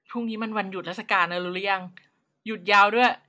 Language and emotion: Thai, neutral